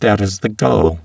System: VC, spectral filtering